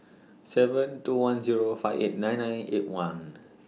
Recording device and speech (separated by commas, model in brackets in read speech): mobile phone (iPhone 6), read sentence